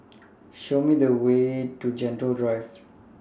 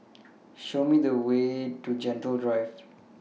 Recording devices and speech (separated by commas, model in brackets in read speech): standing microphone (AKG C214), mobile phone (iPhone 6), read sentence